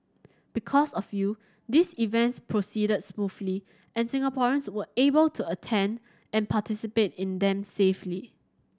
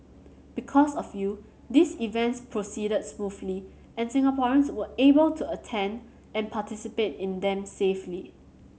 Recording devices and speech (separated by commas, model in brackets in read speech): standing microphone (AKG C214), mobile phone (Samsung C7100), read sentence